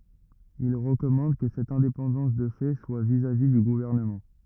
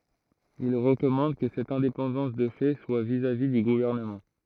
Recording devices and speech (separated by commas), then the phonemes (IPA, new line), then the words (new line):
rigid in-ear microphone, throat microphone, read sentence
il ʁəkɔmɑ̃d kə sɛt ɛ̃depɑ̃dɑ̃s də fɛ swa vizavi dy ɡuvɛʁnəmɑ̃
Il recommande que cette indépendance de fait soit vis-à-vis du gouvernement.